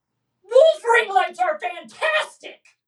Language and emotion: English, angry